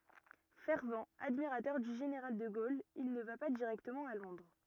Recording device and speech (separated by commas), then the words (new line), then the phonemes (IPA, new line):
rigid in-ear microphone, read sentence
Fervent admirateur du général de Gaulle, il ne va pas directement à Londres.
fɛʁvt admiʁatœʁ dy ʒeneʁal də ɡol il nə va pa diʁɛktəmɑ̃ a lɔ̃dʁ